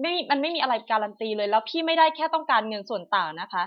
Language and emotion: Thai, angry